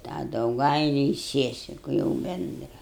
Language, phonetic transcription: Lithuanian, tą dauˈgailiu i ˈsiesiku jau ˈbendra

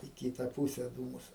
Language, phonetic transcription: Lithuanian, į ˈkyta ˈpūse ˈdūmus

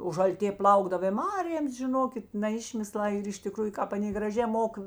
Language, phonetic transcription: Lithuanian, o žalˈtė ˈplaukdav i ˈmarėms žiˈnokit na ˈišmislā ir iš tiˈkrųju ˈkāp aˈnė graˈžė ˈmok

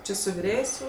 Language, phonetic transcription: Lithuanian, ˈči su viˈrėjės' jau

